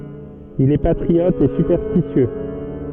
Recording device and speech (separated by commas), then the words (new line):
soft in-ear microphone, read sentence
Il est patriote et superstitieux.